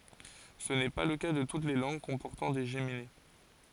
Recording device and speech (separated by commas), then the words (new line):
forehead accelerometer, read sentence
Ce n'est pas le cas de toutes les langues comportant des géminées.